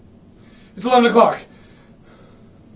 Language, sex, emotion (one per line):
English
male
fearful